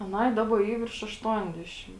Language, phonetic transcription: Lithuanian, aˈnai ˈdaba ˈy virš ašˈtuondešim

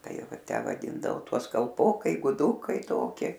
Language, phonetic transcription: Lithuanian, ˈtai ˈva ˈtę vaˈdyndavo ˈtuos kalˈpokai guˈdukai ˈtoki

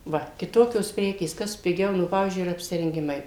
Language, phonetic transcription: Lithuanian, ˈva kiˈtokios ˈprekės ˈkas piˈgiau ˈnu ˈpavyzdžiui ir apsirenˈgimai

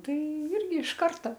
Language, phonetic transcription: Lithuanian, ˈtai ˈirgi iš ˈkarta

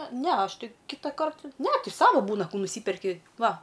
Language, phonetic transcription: Lithuanian, ˈne ˈaš ˈti ˈkitakart ne ˈti ˈsava ˈbūna ˈkų nuˈsyperki ˈva

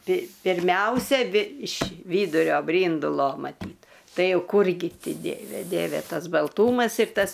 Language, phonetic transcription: Lithuanian, pi pirˈmiausia aˈbi iš ˈvydurio ˈbryndulo maˈtyt ˈtai ˈjau ˈkūrgi ˈti ˈdieve ˈdieve ˈtas balˈtūmas ir ˈtas

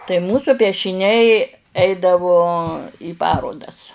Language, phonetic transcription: Lithuanian, tai ˈmūsu piešiˈniai ˈeidavo į ˈparodas

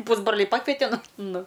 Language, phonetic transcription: Lithuanian, ˈpūsbroliai ˈpakvete ˈnu ˈnu

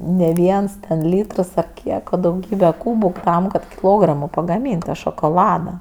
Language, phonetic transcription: Lithuanian, ne ˈviens ten ˈlytrs ar ˈkiek o dauˈgybe ˈkūbuˈ tam kad kiˈlogramo pagaˈmyn't' ta šokoˈlada

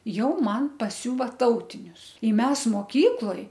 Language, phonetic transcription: Lithuanian, ˈjau ˈman paˈsiūva ˈtautinius i ˈmes moˈkykloj

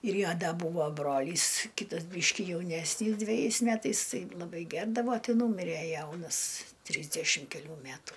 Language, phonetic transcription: Lithuanian, ir ˈjo ˈda ˈbūvo ˈbrolys ˈkytas ˈbyški jauˈnesnys dveˈjais ˈmetais ˈtai laˈbai ˈgerdavo ˈtɨ ˈnūmire ˈjaunas ˈtrysdešim keˈlių ˈmætų

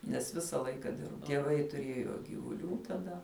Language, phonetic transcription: Lithuanian, nes ˈvisa ˈlaika ˈdirba tieˈvai tuˈrėjo gyvuˈlių taˈda

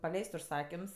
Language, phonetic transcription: Lithuanian, paˈleis't' užˈsakims

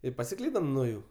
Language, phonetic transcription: Lithuanian, i pasiˈklydam nuo ˈjų

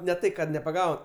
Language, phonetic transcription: Lithuanian, ne ˈtai kad nepaˈgau

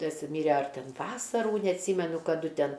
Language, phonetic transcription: Lithuanian, ˈtas ˈmyre ar ˈten ˈvasarų neatˈsymenu kaˈdu ˈten

